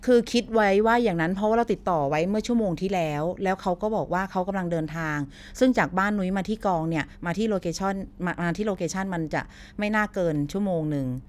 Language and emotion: Thai, neutral